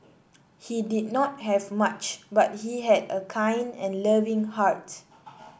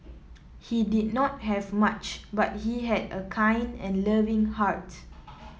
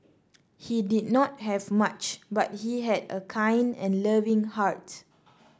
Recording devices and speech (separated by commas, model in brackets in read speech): boundary microphone (BM630), mobile phone (iPhone 7), standing microphone (AKG C214), read sentence